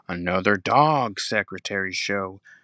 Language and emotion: English, neutral